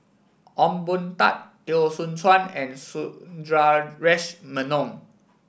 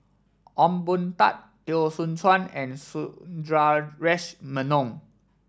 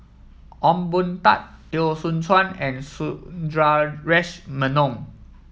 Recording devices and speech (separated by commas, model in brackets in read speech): boundary microphone (BM630), standing microphone (AKG C214), mobile phone (iPhone 7), read sentence